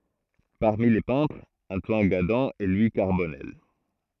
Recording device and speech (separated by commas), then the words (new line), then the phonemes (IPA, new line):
throat microphone, read sentence
Parmi les peintres, Antoine Gadan et Louis Carbonnel.
paʁmi le pɛ̃tʁz ɑ̃twan ɡadɑ̃ e lwi kaʁbɔnɛl